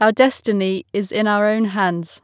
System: none